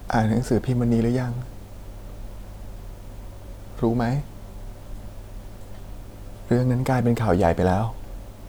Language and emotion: Thai, sad